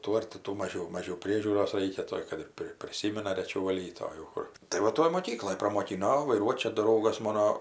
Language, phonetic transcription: Lithuanian, ˈtų ar ti ˈtų ˈmažiau ˈmažiau ˈpriežiūros ˈraikia ˈtoj kad ir ˈpri priˈsymina reˈčiau vaˈlyt o jau ˈkur tai va ˈtoj moˈkykloj pramoˈkino o vaiˈruot' ˈčia ˈdraugas ˈmono

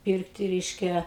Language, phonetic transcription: Lithuanian, ˈpyrkti ˈreiškia

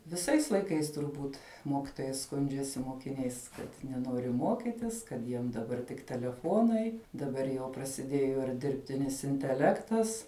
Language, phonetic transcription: Lithuanian, viˈsais laiˈkais turˈbūt ˈmokitojai ˈskundžiasi mokiˈniais ˈkad neˈnori ˈmokitis kad ˈjiem daˈbar tik teleˈfonai daˈbar jau prasiˈdėjo ir dirbˈtinis inteˈlektas

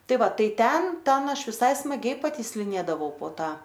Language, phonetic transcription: Lithuanian, ˈtai ˈva ˈtai ˈten ˈten ˈaš viˈsai smaˈgiai patysliˈnėdavau po ˈta

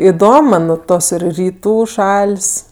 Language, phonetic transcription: Lithuanian, iˈdom man ˈtos ir ryˈtų ˈšal's'

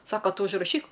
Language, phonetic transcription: Lithuanian, ˈsaka ˈtu užraˈšyk

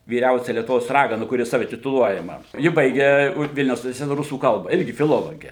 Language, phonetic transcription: Lithuanian, vyˈriausia lietuˈvos ˈragana kuˈri ˈsave tituˈluojama ˈji ˈbaige ˈvilniaus universiˈteta ˈrusų ˈkalba ˈirgi fiˈlologė

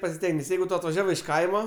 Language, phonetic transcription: Lithuanian, pasiˈstenges ˈjeigu ˈto atvaˈžiavai iš ˈkaima

